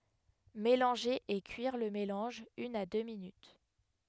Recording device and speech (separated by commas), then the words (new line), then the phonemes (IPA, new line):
headset microphone, read sentence
Mélanger et cuire le mélange une à deux minutes.
melɑ̃ʒe e kyiʁ lə melɑ̃ʒ yn a dø minyt